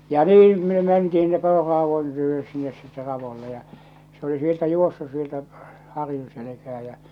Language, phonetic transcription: Finnish, ja "niim me mentihin h̬̳inne 'pororraavon ty₍ös sinnes sitte 'ravolle ja , se ‿oli 'sieltä 'juossus 'sieltä , 'harjun̬ selekää jä͔ .
- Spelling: ja niin me mentiin sinne poronraadon tykö sinne sitten raudoille ja se oli sieltä juossut sieltä harjun selkään ja

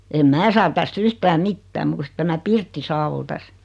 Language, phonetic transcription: Finnish, em "mää saa 'täst "(v)yhtä "mittää muu ku sⁱt 'tämä "pirtti 'saa ol 'täs .
- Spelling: en minä saa tästä yhtään mitään muuta kuin se tämä pirtti saa oli tässä

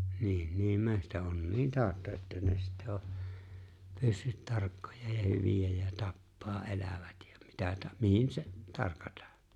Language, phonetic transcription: Finnish, 'niin , niim 'mehtä’onniin 'taaᵒtta että ne sittä o , 'pyssyt 'tarkkoja ja 'hyvijä ja 'tappaa '’elävät ja mitä ta- 'mihin se , 'tarkataa .
- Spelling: niin niin metsäonnien tautta että ne sitten on pyssyt tarkkoja ja hyviä ja tappaa elävät ja mitä - mihin se tarkataan

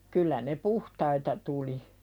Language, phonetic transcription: Finnish, 'kyllä ne "puhtaita tuli .
- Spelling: kyllä ne puhtaita tuli

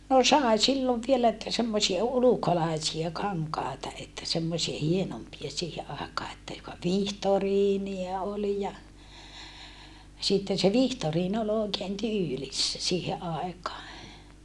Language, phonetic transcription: Finnish, no sàe sillov vielä että semmosia ulukolàisia kaŋkàeta että semmosie hienompia siihe àekaa että joka vihtoriinia olⁱ ja , sitten se vihtoriin ol òekeen tyylissä siihe ʼàekaa .
- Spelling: no sai silloin vielä että semmoisia ulkolaisia kankaita että semmoisia hienompia siihen aikaan että joka vihtoriinia oli ja sitten se vihtoriini oli oikein tyylissä siihen aikaan

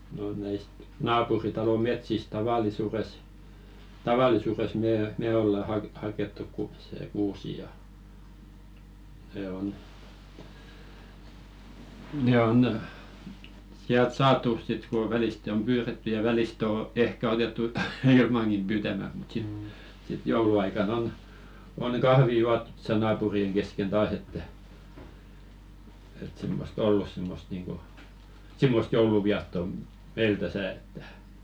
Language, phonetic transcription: Finnish, no näist "naapuritalo 'metsist taval̆lisures , 'taval̀isures mee , "me 'olla hak- hakettu ku- se 'kuusi ja , 'ne on , 'ne on , siält "saatu sit ko 'vɛliste om "pyyretty ja väliste o "ehkä 'otettu "ilmaŋkim pyytämät mut sit , sit "jouluaika'n ‿on , oŋ "kahvi 'juattᴜt tᴏsa 'naapuri₍eŋ kesken 'taas ‿että , et simmos"t ‿ollus simmost niiŋko , "simmost 'jouluviatto , 'meil täsä̀ että .
- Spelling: no näistä naapuritalon metsistä tavallisuudessa tavallisuudessa me me ollaan - haettu - se kuusi ja ne on ne on sieltä saatu sitten kun välistä on pyydetty ja välistä on ehkä otettu ilmankin pyytämättä mutta sitten sitten jouluaikana on on kahvia juotu tuossa naapurien kesken taas että että semmoista ollut semmoista niin kuin semmoista joulunviettoa meillä tässä että

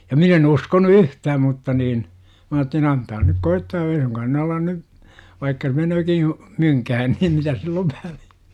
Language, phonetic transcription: Finnish, ja 'min ‿e'n ‿uskonu "yhtääm mutta niin , 'm ‿aattelin "antaa nyk 'koittaa ei 'suŋkaan ne 'alan 'ny , vaikka "menööki , 'myŋkähän niim 'mitäs sill ‿ov 'väliÄ .
- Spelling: ja minä en uskonut yhtään mutta niin minä ajattelin antaa nyt koittaa ei suinkaan ne ala nyt vaikka meneekin mynkään niin mitäs sillä on väliä

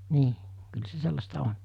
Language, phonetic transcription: Finnish, 'nii , kyl 'se "sellasta 'on .
- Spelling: niin kyllä se sellaista on

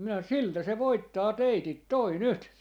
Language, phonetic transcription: Finnish, minä » 'siltä se 'voittaa 'teitit "toi "nyt » .
- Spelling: minä siltä se voittaa teidät tuo nyt

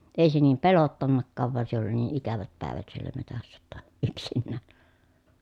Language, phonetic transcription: Finnish, ei se niim pelottannakkaav van se ‿oli nii ʼikävät päèvät siellä metässä ʲotta , yksinnääN .
- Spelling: ei se niin pelottanutkaan vaan se oli niin ikävät päivät siellä metsässä jotta yksinään

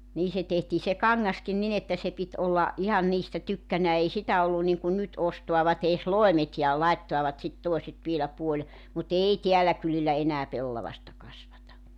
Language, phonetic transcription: Finnish, 'nii se tehtii se "kaŋŋaskin nin ‿että se 'pit '’olla , '’ihan niistä 'tykkänää ei 'sitä ollun niŋkun 'nyt 'ostoavat ‿ees "loemet ja 'laittoavat sit 'toeset vielä puoĺ- , mu"t ‿ei 'teälä kylillä 'enää 'pellavasta kasvata .
- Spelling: niin se tehtiin se kangaskin niin että se piti olla ihan niistä tykkänään ei sitä ollut niin kuin nyt ostavat edes loimet ja laittavat sitten toiset vielä - mutta ei täällä kylillä enää pellavaista kasvata

